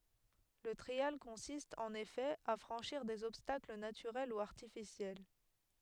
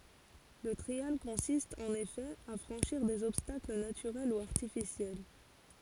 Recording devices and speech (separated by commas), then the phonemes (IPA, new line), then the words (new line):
headset microphone, forehead accelerometer, read sentence
lə tʁial kɔ̃sist ɑ̃n efɛ a fʁɑ̃ʃiʁ dez ɔbstakl natyʁɛl u aʁtifisjɛl
Le trial consiste, en effet, à franchir des obstacles naturels ou artificiels.